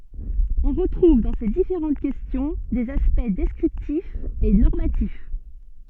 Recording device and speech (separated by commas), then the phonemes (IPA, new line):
soft in-ear microphone, read sentence
ɔ̃ ʁətʁuv dɑ̃ se difeʁɑ̃t kɛstjɔ̃ dez aspɛkt dɛskʁiptifz e nɔʁmatif